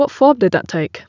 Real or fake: real